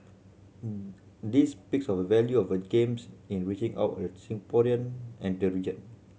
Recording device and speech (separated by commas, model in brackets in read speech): mobile phone (Samsung C7100), read sentence